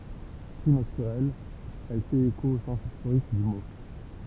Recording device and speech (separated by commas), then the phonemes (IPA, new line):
temple vibration pickup, read sentence
ply natyʁɛl ɛl fɛt eko o sɑ̃s istoʁik dy mo